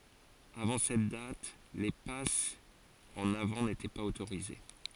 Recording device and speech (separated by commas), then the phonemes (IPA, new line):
forehead accelerometer, read sentence
avɑ̃ sɛt dat le pasz ɑ̃n avɑ̃ netɛ paz otoʁize